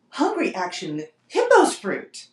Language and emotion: English, surprised